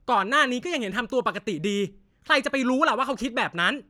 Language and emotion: Thai, angry